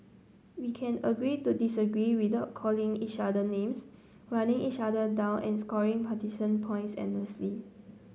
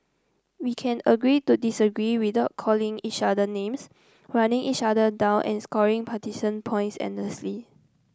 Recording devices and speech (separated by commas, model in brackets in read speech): mobile phone (Samsung C9), close-talking microphone (WH30), read sentence